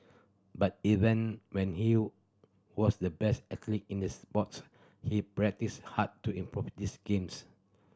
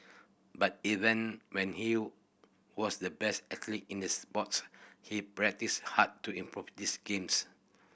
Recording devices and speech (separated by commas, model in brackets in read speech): standing microphone (AKG C214), boundary microphone (BM630), read sentence